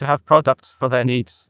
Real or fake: fake